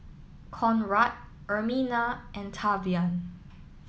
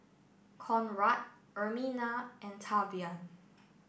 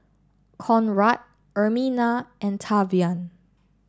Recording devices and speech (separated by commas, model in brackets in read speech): mobile phone (iPhone 7), boundary microphone (BM630), standing microphone (AKG C214), read sentence